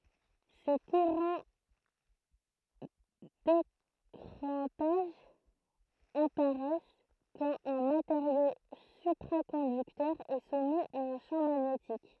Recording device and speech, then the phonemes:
throat microphone, read sentence
se kuʁɑ̃ dekʁɑ̃taʒ apaʁɛs kɑ̃t œ̃ mateʁjo sypʁakɔ̃dyktœʁ ɛ sumi a œ̃ ʃɑ̃ maɲetik

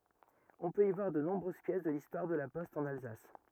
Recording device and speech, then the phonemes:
rigid in-ear microphone, read sentence
ɔ̃ pøt i vwaʁ də nɔ̃bʁøz pjɛs də listwaʁ də la pɔst ɑ̃n alzas

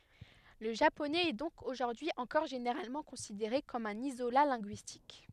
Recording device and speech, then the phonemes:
headset microphone, read sentence
lə ʒaponɛz ɛ dɔ̃k oʒuʁdyi ɑ̃kɔʁ ʒeneʁalmɑ̃ kɔ̃sideʁe kɔm œ̃n izola lɛ̃ɡyistik

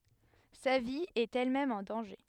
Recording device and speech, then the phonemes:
headset microphone, read sentence
sa vi ɛt ɛlmɛm ɑ̃ dɑ̃ʒe

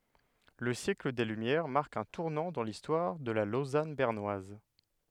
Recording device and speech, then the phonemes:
headset microphone, read sentence
lə sjɛkl de lymjɛʁ maʁk œ̃ tuʁnɑ̃ dɑ̃ listwaʁ də la lozan bɛʁnwaz

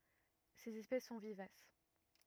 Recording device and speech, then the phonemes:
rigid in-ear microphone, read sentence
sez ɛspɛs sɔ̃ vivas

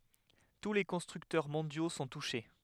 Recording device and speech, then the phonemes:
headset microphone, read sentence
tu le kɔ̃stʁyktœʁ mɔ̃djo sɔ̃ tuʃe

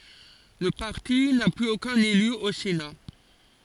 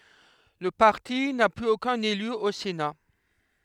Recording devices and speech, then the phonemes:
forehead accelerometer, headset microphone, read sentence
lə paʁti na plyz okœ̃n ely o sena

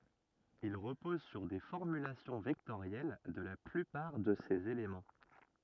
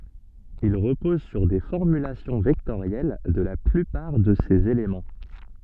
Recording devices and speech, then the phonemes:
rigid in-ear microphone, soft in-ear microphone, read sentence
il ʁəpɔz syʁ de fɔʁmylasjɔ̃ vɛktoʁjɛl də la plypaʁ də sez elemɑ̃

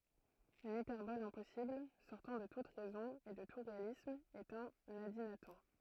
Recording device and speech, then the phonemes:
throat microphone, read sentence
yn ipɛʁbɔl ɛ̃pɔsibl sɔʁtɑ̃ də tut ʁɛzɔ̃ e də tu ʁealism ɛt œ̃n adinatɔ̃

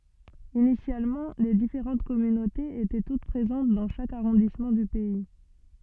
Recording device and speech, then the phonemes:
soft in-ear microphone, read sentence
inisjalmɑ̃ le difeʁɑ̃t kɔmynotez etɛ tut pʁezɑ̃t dɑ̃ ʃak aʁɔ̃dismɑ̃ dy pɛi

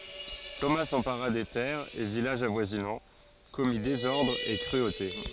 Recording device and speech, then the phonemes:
forehead accelerometer, read sentence
toma sɑ̃paʁa de tɛʁz e vilaʒz avwazinɑ̃ kɔmi dezɔʁdʁz e kʁyote

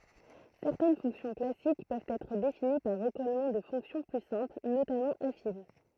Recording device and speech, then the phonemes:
throat microphone, read sentence
sɛʁtɛn fɔ̃ksjɔ̃ klasik pøvt ɛtʁ defini paʁ ʁəkɔlmɑ̃ də fɔ̃ksjɔ̃ ply sɛ̃pl notamɑ̃ afin

